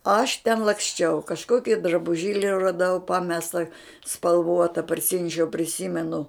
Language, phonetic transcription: Lithuanian, aš ten laksˈčiau kažˈkoki drabuˈžėli raˈdau ˈpamesta spalˈvuota parˈsinešiau priˈsymenu

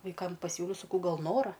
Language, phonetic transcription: Lithuanian, vaiˈkam paˈsiūliau saˈkau ˈgal ˈnora

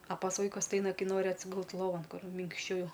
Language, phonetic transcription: Lithuanian, a pas ˈvaikus ti ˈaina ˈkai ˈnori atsiˈgult loˈvan ˈkur minkšˈčiau

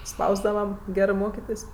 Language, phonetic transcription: Lithuanian, ˈspausdava ˈgerɜ ˈmokitės'

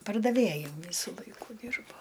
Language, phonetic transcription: Lithuanian, pardaˈvėju ˈvysu ˈlaiku ˈdyrbo

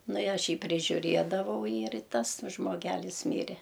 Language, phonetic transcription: Lithuanian, ˈnu i ˈaš ˈjį prižiuˈriedavau ir ˈtas žmoˈgelis ˈmyre

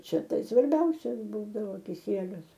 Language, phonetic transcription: Lithuanian, ˈčia ˈtai svarˈbiausias ˈbūdavo kiˈsielius

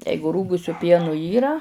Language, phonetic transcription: Lithuanian, ˈjeigu ˈrūgusiu ˈpienu ˈyra

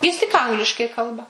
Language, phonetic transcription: Lithuanian, ˈjis tik ˈangliškai ˈkalba

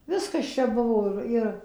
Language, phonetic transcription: Lithuanian, ˈviskas ˈčia ˈbuvo ir ˈir

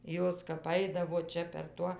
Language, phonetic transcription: Lithuanian, ˈjos kap ˈaidavo ˈčia per ˈtuo

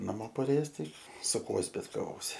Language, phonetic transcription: Lithuanian, naˈmo paˈrėjes ˈtai su ˈkuo zbitkaˈvosi

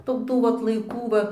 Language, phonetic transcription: Lithuanian, ˈtu ˈtų vat laiˈkų ˈva

